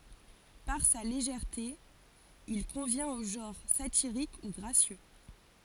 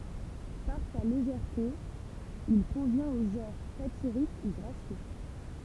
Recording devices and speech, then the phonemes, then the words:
forehead accelerometer, temple vibration pickup, read sentence
paʁ sa leʒɛʁte il kɔ̃vjɛ̃t o ʒɑ̃ʁ satiʁik u ɡʁasjø
Par sa légèreté, il convient au genre satirique ou gracieux.

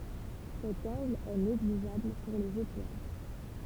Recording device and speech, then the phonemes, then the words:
temple vibration pickup, read sentence
sɛt ɑ̃ɡl ɛ neɡliʒabl puʁ lez etwal
Cet angle est négligeable pour les étoiles.

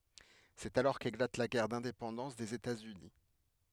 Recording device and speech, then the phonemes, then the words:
headset microphone, read sentence
sɛt alɔʁ keklat la ɡɛʁ dɛ̃depɑ̃dɑ̃s dez etatsyni
C'est alors qu'éclate la guerre d'indépendance des États-Unis.

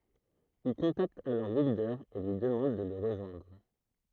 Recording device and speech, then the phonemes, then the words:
throat microphone, read sentence
il kɔ̃takt alɔʁ wildœʁ e lyi dəmɑ̃d də lə ʁəʒwɛ̃dʁ
Il contacte alors Wilder et lui demande de le rejoindre.

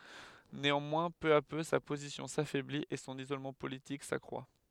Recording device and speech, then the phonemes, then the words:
headset microphone, read sentence
neɑ̃mwɛ̃ pø a pø sa pozisjɔ̃ safɛblit e sɔ̃n izolmɑ̃ politik sakʁwa
Néanmoins, peu à peu, sa position s’affaiblit, et son isolement politique s’accroît.

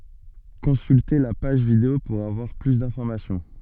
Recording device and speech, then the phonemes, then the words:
soft in-ear microphone, read sentence
kɔ̃sylte la paʒ video puʁ avwaʁ ply dɛ̃fɔʁmasjɔ̃
Consulter la page vidéo pour avoir plus d'informations.

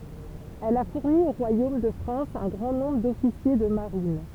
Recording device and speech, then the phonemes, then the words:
temple vibration pickup, read sentence
ɛl a fuʁni o ʁwajom də fʁɑ̃s œ̃ ɡʁɑ̃ nɔ̃bʁ dɔfisje də maʁin
Elle a fourni au royaume de France un grand nombre d'officiers de marine.

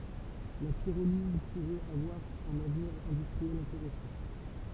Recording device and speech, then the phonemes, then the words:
temple vibration pickup, read sentence
la piʁoliz puʁɛt avwaʁ œ̃n avniʁ ɛ̃dystʁiɛl ɛ̃teʁɛsɑ̃
La pyrolyse pourrait avoir un avenir industriel intéressant.

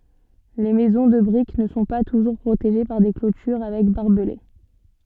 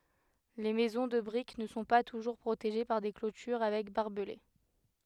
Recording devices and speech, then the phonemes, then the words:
soft in-ear microphone, headset microphone, read sentence
le mɛzɔ̃ də bʁik nə sɔ̃ pa tuʒuʁ pʁoteʒe paʁ de klotyʁ avɛk baʁbəle
Les maisons de briques ne sont pas toujours protégées par des clôtures avec barbelés.

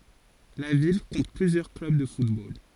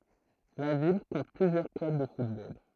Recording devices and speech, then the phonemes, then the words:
forehead accelerometer, throat microphone, read sentence
la vil kɔ̃t plyzjœʁ klœb də futbol
La ville compte plusieurs clubs de football.

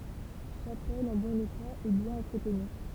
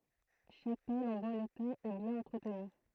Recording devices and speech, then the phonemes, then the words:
temple vibration pickup, throat microphone, read sentence
ʃapɛl ɑ̃ bɔ̃n eta e bjɛ̃n ɑ̃tʁətny
Chapelle en bon état et bien entretenue.

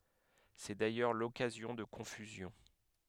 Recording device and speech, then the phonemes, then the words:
headset microphone, read sentence
sɛ dajœʁ lɔkazjɔ̃ də kɔ̃fyzjɔ̃
C'est d'ailleurs l'occasion de confusions.

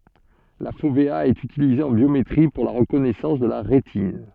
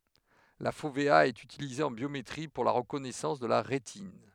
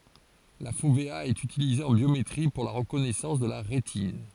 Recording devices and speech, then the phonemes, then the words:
soft in-ear microphone, headset microphone, forehead accelerometer, read sentence
la fovea ɛt ytilize ɑ̃ bjometʁi puʁ la ʁəkɔnɛsɑ̃s də la ʁetin
La fovéa est utilisée en biométrie pour la reconnaissance de la rétine.

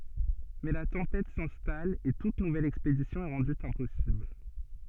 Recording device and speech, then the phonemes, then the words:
soft in-ear microphone, read sentence
mɛ la tɑ̃pɛt sɛ̃stal e tut nuvɛl ɛkspedisjɔ̃ ɛ ʁɑ̃dy ɛ̃pɔsibl
Mais la tempête s'installe et toute nouvelle expédition est rendue impossible.

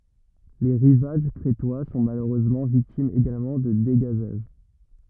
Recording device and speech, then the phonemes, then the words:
rigid in-ear microphone, read sentence
le ʁivaʒ kʁetwa sɔ̃ maløʁøzmɑ̃ viktimz eɡalmɑ̃ də deɡazaʒ
Les rivages crétois sont malheureusement victimes également de dégazages.

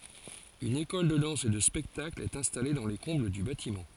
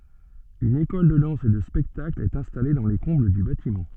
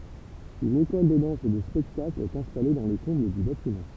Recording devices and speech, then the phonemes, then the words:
forehead accelerometer, soft in-ear microphone, temple vibration pickup, read sentence
yn ekɔl də dɑ̃s e də spɛktakl ɛt ɛ̃stale dɑ̃ le kɔ̃bl dy batimɑ̃
Une école de danse et de spectacle est installée dans les combles du bâtiment.

